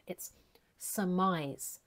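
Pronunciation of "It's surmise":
In 'surmise', the stress is on the second syllable, and there is no strong R sound in the first syllable.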